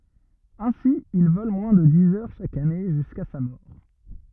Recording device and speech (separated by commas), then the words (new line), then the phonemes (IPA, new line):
rigid in-ear microphone, read sentence
Ainsi, il vole moins de dix heures chaque année jusqu'à sa mort.
ɛ̃si il vɔl mwɛ̃ də diz œʁ ʃak ane ʒyska sa mɔʁ